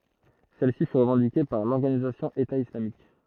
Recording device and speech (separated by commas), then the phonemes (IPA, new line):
throat microphone, read sentence
sɛl si fy ʁəvɑ̃dike paʁ lɔʁɡanizasjɔ̃ eta islamik